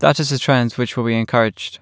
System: none